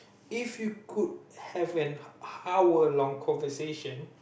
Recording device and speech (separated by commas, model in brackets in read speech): boundary microphone, conversation in the same room